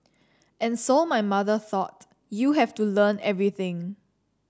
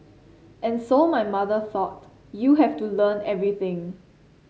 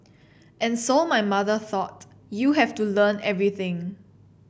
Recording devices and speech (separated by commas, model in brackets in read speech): standing microphone (AKG C214), mobile phone (Samsung C7), boundary microphone (BM630), read sentence